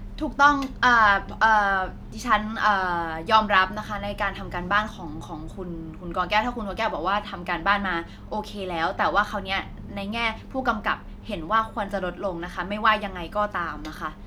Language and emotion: Thai, frustrated